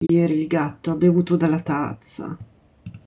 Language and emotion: Italian, disgusted